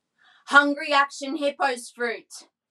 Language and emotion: English, neutral